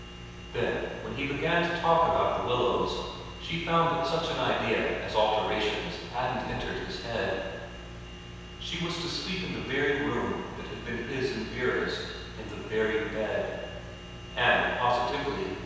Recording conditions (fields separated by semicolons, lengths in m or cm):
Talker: one person; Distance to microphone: 7.1 m; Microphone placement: far; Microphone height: 1.7 m; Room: very reverberant, large; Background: none